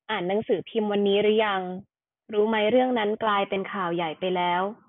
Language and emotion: Thai, neutral